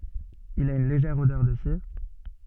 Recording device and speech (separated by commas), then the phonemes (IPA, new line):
soft in-ear microphone, read sentence
il a yn leʒɛʁ odœʁ də siʁ